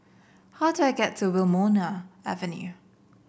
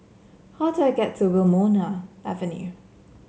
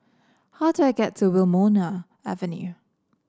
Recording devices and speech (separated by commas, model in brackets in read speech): boundary microphone (BM630), mobile phone (Samsung C7), standing microphone (AKG C214), read sentence